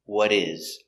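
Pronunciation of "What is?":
In 'what is', the t of 'what' changes to a d sound because it falls between two vowels.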